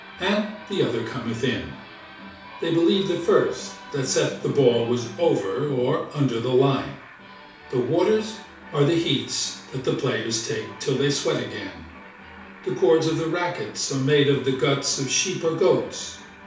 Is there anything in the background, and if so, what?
A television.